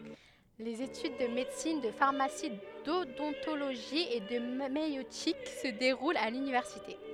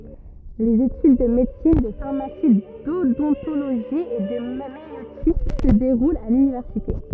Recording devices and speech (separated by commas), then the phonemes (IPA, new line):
headset microphone, rigid in-ear microphone, read sentence
lez etyd də medəsin də faʁmasi dodɔ̃toloʒi e də majøtik sə deʁult a lynivɛʁsite